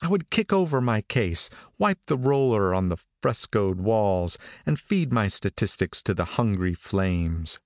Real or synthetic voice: real